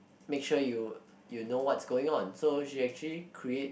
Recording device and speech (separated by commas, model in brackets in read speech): boundary microphone, conversation in the same room